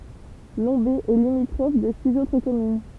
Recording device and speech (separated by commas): temple vibration pickup, read sentence